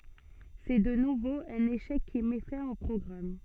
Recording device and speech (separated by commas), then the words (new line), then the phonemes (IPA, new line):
soft in-ear microphone, read sentence
C'est de nouveau un échec qui met fin au programme.
sɛ də nuvo œ̃n eʃɛk ki mɛ fɛ̃ o pʁɔɡʁam